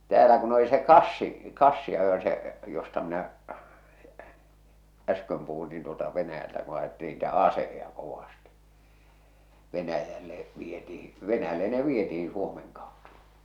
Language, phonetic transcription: Finnish, 'täälä kun oli se "kassi , "kassi₍ajo se , josta minä , 'äsköm puhun niin tuota Venäjältä ku ajettiin niitä "aseheja 'kovastɪ , 'Venäjälle , 'vietihi , 'Venäjälle ne "vietihiḭ Suomeŋ kaottᴀ .
- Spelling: täällä kun oli se kassi kassiajo se josta minä äsken puhuin niin tuota Venäjältä kun ajettiin niitä aseita kovasti Venäjälle vietiin Venäjälle ne vietiin Suomen kautta

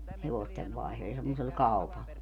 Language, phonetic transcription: Finnish, 'hevostev vaihlo - ja semmosel 'kau̬pal .
- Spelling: hevosten - ja semmoisella kaupalla

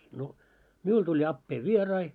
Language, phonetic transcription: Finnish, no , "miul tuĺ 'appee "vie-rai .
- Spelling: no minulla tuli appeni vieraita

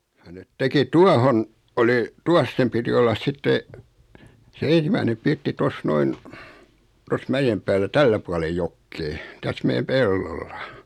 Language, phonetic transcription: Finnish, ja net 'teki "tuahon , oli , 'tuas sem piti 'ollas 'sitte , se 'en̬simäinem 'pirtti 'tos "noin , tos 'mäjem päällä "tällä puale "jokkee , täs 'meʲäm "pellolla .
- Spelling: ja ne teki tuohon oli tuossa sen piti olla sitten se ensimmäinen pirtti tuossa noin tuossa mäen päällä tällä puolen jokea tässä meidän pellolla

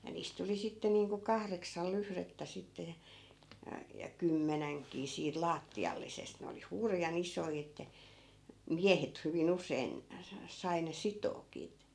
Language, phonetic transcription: Finnish, ja 'niist tuli 'sitte niiŋku 'kahreksal 'lyhrettä sitte ja , ja , ja "kymmänäŋkii siit 'laatti₍allisest ne oli "hurja'n ‿isoi että , "miähet hyvi'n ‿usein , sa- , 'sai ne 'sitookii t- .
- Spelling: ja niistä tuli sitten niin kuin kahdeksan lyhdettä sitten ja ja ja kymmenenkin siitä lattiallisesta ne oli hurjan isoja että miehet hyvin usein - sai ne sitoakin -

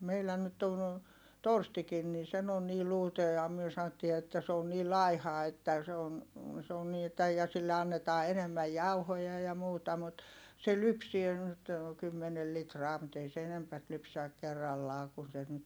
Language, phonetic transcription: Finnish, meilä nyt ton , Torstikin nin̬ sen ‿on nii luuta ja myö saⁿottii että se on nii laiha että se on , se on nii että - ja sille annetaa enemmäj jauhoja ja muuta mut , se lypsie nyt , kymmenel litraa mut ‿ei se enempät lypsäk̆ kerrallaa kun sen nyt ,.
- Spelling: meillä nyt on Torstikin niin sen on niin luuta ja me sanottiin että se on niin laiha että se on se on niin että ja sille annetaan enemmän jauhoja ja muuta mutta se lypsää nyt kymmenen litraa mutta ei se enempää lypsä kerrallaan kun sen nyt

